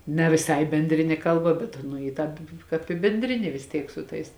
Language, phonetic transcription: Lithuanian, ne viˈsai benˈdrinė ˈkalˌba bet ˈanu i ˈtāp ˈkāp i benˈdrinė vis ˈtiek su ˈtais

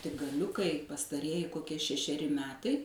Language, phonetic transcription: Lithuanian, tik gaˈliukai pastaˈrieji koˈkie šešeˈri ˈmetai

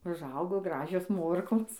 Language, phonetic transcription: Lithuanian, užˈaugo ˈgražios ˈmorkos

